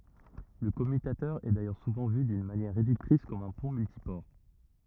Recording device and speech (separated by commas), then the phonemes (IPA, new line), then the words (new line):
rigid in-ear microphone, read sentence
lə kɔmytatœʁ ɛ dajœʁ suvɑ̃ vy dyn manjɛʁ ʁedyktʁis kɔm œ̃ pɔ̃ myltipɔʁ
Le commutateur est d'ailleurs souvent vu d'une manière réductrice comme un pont multiport.